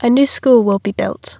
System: none